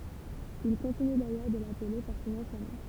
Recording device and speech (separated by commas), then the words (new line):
temple vibration pickup, read sentence
Il continue d'ailleurs de l'appeler par son ancien nom.